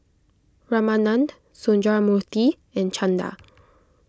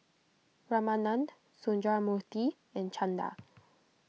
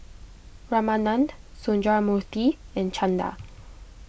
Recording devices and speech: close-talking microphone (WH20), mobile phone (iPhone 6), boundary microphone (BM630), read sentence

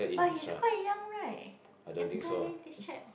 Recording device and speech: boundary microphone, conversation in the same room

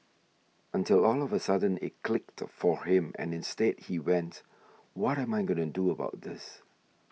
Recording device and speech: mobile phone (iPhone 6), read sentence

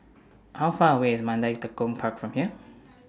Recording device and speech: standing microphone (AKG C214), read sentence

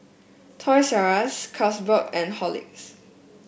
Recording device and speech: boundary microphone (BM630), read sentence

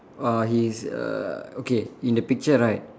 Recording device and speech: standing microphone, conversation in separate rooms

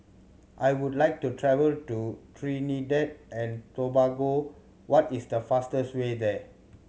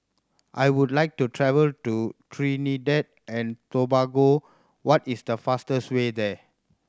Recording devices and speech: mobile phone (Samsung C7100), standing microphone (AKG C214), read sentence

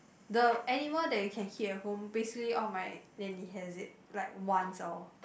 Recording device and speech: boundary microphone, conversation in the same room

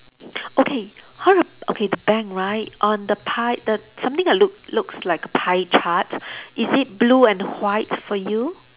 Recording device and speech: telephone, conversation in separate rooms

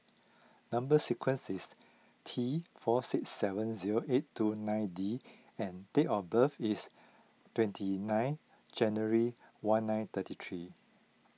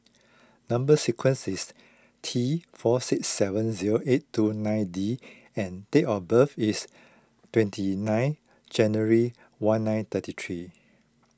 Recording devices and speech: mobile phone (iPhone 6), close-talking microphone (WH20), read sentence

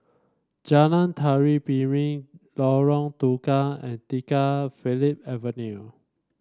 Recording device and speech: standing microphone (AKG C214), read sentence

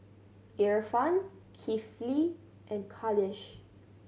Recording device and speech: mobile phone (Samsung C7100), read sentence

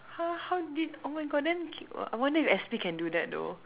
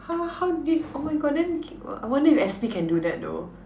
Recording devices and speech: telephone, standing microphone, conversation in separate rooms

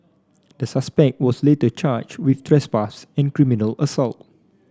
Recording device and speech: standing microphone (AKG C214), read sentence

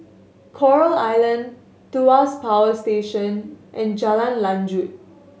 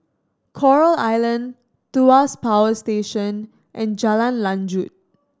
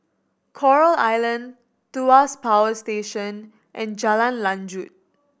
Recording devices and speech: mobile phone (Samsung S8), standing microphone (AKG C214), boundary microphone (BM630), read sentence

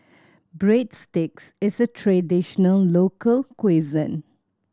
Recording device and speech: standing microphone (AKG C214), read sentence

